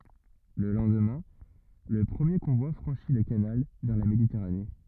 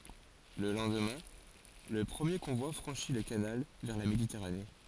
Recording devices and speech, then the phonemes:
rigid in-ear microphone, forehead accelerometer, read sentence
lə lɑ̃dmɛ̃ lə pʁəmje kɔ̃vwa fʁɑ̃ʃi lə kanal vɛʁ la meditɛʁane

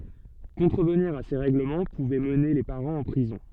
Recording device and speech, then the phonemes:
soft in-ear microphone, read sentence
kɔ̃tʁəvniʁ a se ʁɛɡləmɑ̃ puvɛ məne le paʁɑ̃z ɑ̃ pʁizɔ̃

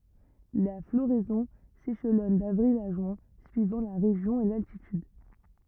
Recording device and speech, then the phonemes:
rigid in-ear microphone, read sentence
la floʁɛzɔ̃ seʃlɔn davʁil a ʒyɛ̃ syivɑ̃ la ʁeʒjɔ̃ e laltityd

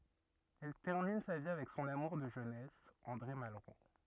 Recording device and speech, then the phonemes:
rigid in-ear microphone, read sentence
ɛl tɛʁmin sa vi avɛk sɔ̃n amuʁ də ʒønɛs ɑ̃dʁe malʁo

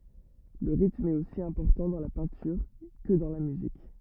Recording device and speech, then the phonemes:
rigid in-ear microphone, read sentence
lə ʁitm ɛt osi ɛ̃pɔʁtɑ̃ dɑ̃ la pɛ̃tyʁ kə dɑ̃ la myzik

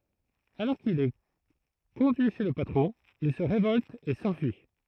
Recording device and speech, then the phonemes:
throat microphone, read sentence
alɔʁ kil ɛ kɔ̃dyi ʃe lə patʁɔ̃ il sə ʁevɔlt e sɑ̃fyi

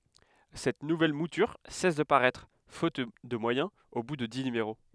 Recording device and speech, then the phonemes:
headset microphone, read sentence
sɛt nuvɛl mutyʁ sɛs də paʁɛtʁ fot də mwajɛ̃z o bu də di nymeʁo

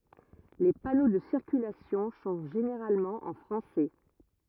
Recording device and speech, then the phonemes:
rigid in-ear microphone, read sentence
le pano də siʁkylasjɔ̃ sɔ̃ ʒeneʁalmɑ̃ ɑ̃ fʁɑ̃sɛ

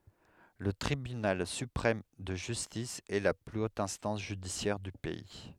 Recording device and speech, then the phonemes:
headset microphone, read sentence
lə tʁibynal sypʁɛm də ʒystis ɛ la ply ot ɛ̃stɑ̃s ʒydisjɛʁ dy pɛi

